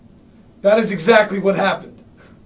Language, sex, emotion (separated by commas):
English, male, angry